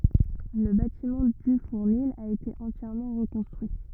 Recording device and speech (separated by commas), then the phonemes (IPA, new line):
rigid in-ear microphone, read sentence
lə batimɑ̃ dy fuʁnil a ete ɑ̃tjɛʁmɑ̃ ʁəkɔ̃stʁyi